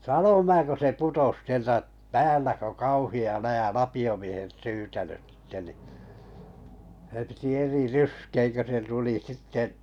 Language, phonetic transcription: Finnish, sanom 'mää ko se 'putos 'sieltä’ , "päällä kö "kauhi₍a 'läjä "lapi₍o miehet 'syyte(löt) sⁱtte ni , sᵉ piti 'eri "ryskeeŋ kö se 'tuli 'sitte’ ,.
- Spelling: sanon minä kun se putosi sieltä päällä kun kauhea läjä lapiomiehet syytänyt sitten niin se piti eri ryskeen kun se tuli sitten

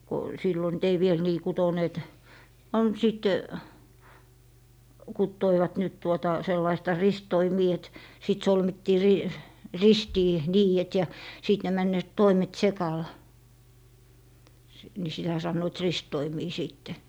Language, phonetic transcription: Finnish, ko , 'sillo nyt 'ei viel 'nii "kutoneet , 'on , 'sìt , 'kuttoivat nyt 'tuota , 'sellaista "ristoimii et , 'sit 'solmittii ri- , "ristii , "niijet ja , 'sìt ne 'männööt "toimet "sekal , ni 'sitä sannoit "rist'toimii "siitte .
- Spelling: kun silloin nyt ei vielä niin kutoneet on sitten kutoivat nyt tuota sellaista ristitoimia että sitten solmittiin - ristiin niidet ja sitten ne menevät toimet sekali niin sitä sanoivat ristitoimia sitten

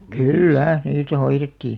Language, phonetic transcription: Finnish, kyl'lä , 'niitä 'hoirettii .
- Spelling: kyllä niitä hoidettiin

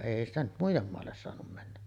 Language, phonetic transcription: Finnish, "èi ‿stä nyt 'muij̆jem moalles soanum männä .
- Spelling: ei sitä nyt muiden maalle saanut mennä

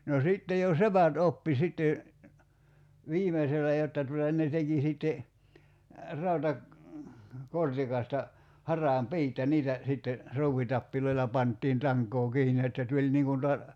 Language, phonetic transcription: Finnish, no 'sìtte jo "sepät 'oppi sitte , "viimesellä 'jotta tuta ne 'teki sìtte , 'rauta- , '-kortikasta , 'har̀aam "piit ja 'niitä , sitte , 'ruuwitappiloila 'panttiin 'taŋk̀oo 'kiini että 'tuĺ niiŋ kun ta- ,.
- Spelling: no sitten jo sepät oppi sitten viimeisellä jotta tuota ne teki sitten - rautakortikasta haravan piit ja niitä sitten ruuvitapeilla pantiin tankoon kiinni että tuli niin kuin -

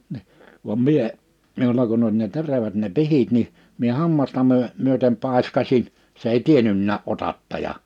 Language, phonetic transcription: Finnish, ni , vam mie , 'miula kunn ‿oĺ ne 'terävät ne 'pihit niʰ , mie 'hammasta myö- , myötem 'pàḙskasiɴ , se ei "tienynnää '’otattaja .
- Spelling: niin vaan minä minulla kun oli ne terävät ne pihdit niin minä hammasta - myöten paiskasin se ei tiennytkään otattaja

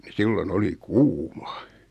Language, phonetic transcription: Finnish, ni 'sillo"n ‿oli "kuuma .
- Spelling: niin silloin oli kuuma

